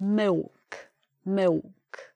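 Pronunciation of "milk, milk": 'Milk' is said in a Cockney accent, with a w sound in place of the L.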